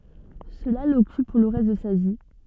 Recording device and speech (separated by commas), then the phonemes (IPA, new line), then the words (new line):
soft in-ear microphone, read sentence
səla lɔkyp puʁ lə ʁɛst də sa vi
Cela l'occupe pour le reste de sa vie.